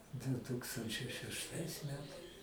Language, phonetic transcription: Lithuanian, du ˈtūkstančiai šešˈtais ˈmetais

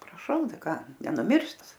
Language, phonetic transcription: Lithuanian, praˈšau ˈtai ˈką nenuˈmirs ˈtas

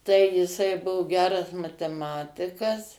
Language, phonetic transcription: Lithuanian, tai jiˈsai ˈbuvo ˈgeras mateˈmatikas

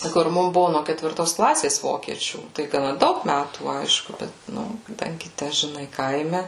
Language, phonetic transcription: Lithuanian, kur ˈmum ˈbuvu no ketvirˈtos ˈklasės ˈvokiečių tai gaˈna ˈdaug ˈmætų ˈaišku ˈbet ˈnu kaˈdangi ˈtæ žiˈnai ˈkaime

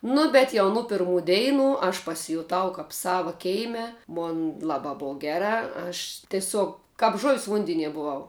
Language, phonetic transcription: Lithuanian, ˈnu bet jau ˈnu pirˈmų ˈdeinu aš pasijuˈtau kap ˈsava ˈkeime ˈmon ˈlabā ˈbov ˈgerā aš teˈsiog kap žuv's' ˈvundenie buˈvau

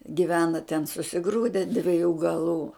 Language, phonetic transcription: Lithuanian, giˈvena ten susiˈgrūde dviˈjų gaˈlų

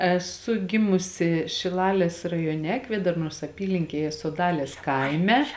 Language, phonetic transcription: Lithuanian, eˈsu ˈgimusi šiˈlalės rajoˈne ˈkvėdarnos aˈpylinkėje soˈdalės ˈkaime

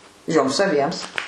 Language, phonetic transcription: Lithuanian, ˈjoms aˈbiems

